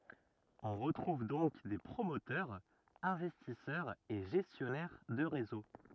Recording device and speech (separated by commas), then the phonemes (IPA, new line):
rigid in-ear microphone, read sentence
ɔ̃ ʁətʁuv dɔ̃k de pʁomotœʁz ɛ̃vɛstisœʁz e ʒɛstjɔnɛʁ də ʁezo